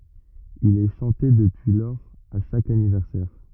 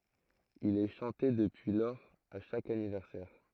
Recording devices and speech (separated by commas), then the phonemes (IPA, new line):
rigid in-ear microphone, throat microphone, read sentence
il ɛ ʃɑ̃te dəpyi lɔʁz a ʃak anivɛʁsɛʁ